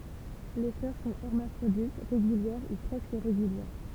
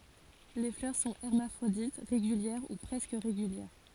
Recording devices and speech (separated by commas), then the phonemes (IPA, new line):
temple vibration pickup, forehead accelerometer, read sentence
le flœʁ sɔ̃ ɛʁmafʁodit ʁeɡyljɛʁ u pʁɛskə ʁeɡyljɛʁ